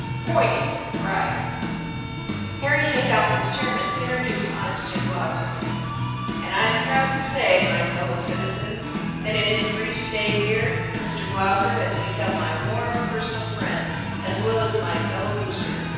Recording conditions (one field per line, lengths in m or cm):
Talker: one person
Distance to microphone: 7.1 m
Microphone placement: far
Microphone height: 1.7 m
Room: very reverberant, large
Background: music